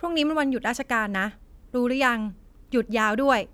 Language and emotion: Thai, frustrated